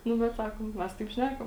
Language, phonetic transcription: Lithuanian, ˈnu bet ˈsakom ˈmes taip ˈšnækam

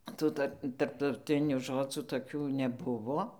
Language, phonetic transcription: Lithuanian, ˈtų tar tarptauˈtinių ˈžodzų toˈkių neˈbuvo

